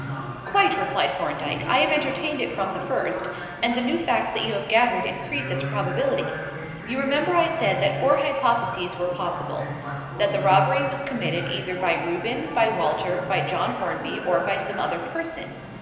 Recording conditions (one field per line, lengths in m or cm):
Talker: one person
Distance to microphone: 1.7 m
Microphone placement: close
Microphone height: 1.0 m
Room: very reverberant, large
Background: television